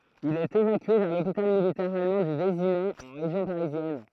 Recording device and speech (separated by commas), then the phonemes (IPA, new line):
throat microphone, read sentence
il ɛt evakye vɛʁ lopital militɛʁ almɑ̃ dy vezinɛ ɑ̃ ʁeʒjɔ̃ paʁizjɛn